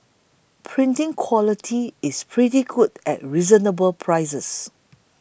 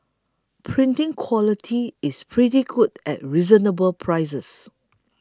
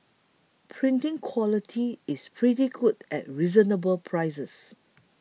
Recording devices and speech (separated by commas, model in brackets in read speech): boundary microphone (BM630), close-talking microphone (WH20), mobile phone (iPhone 6), read sentence